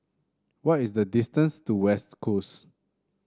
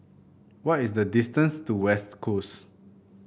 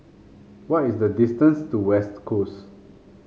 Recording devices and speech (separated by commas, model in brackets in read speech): standing microphone (AKG C214), boundary microphone (BM630), mobile phone (Samsung C5), read sentence